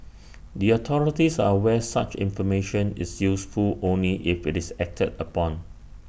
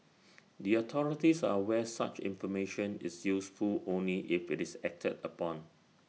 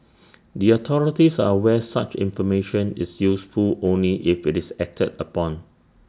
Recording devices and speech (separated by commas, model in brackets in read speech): boundary microphone (BM630), mobile phone (iPhone 6), standing microphone (AKG C214), read sentence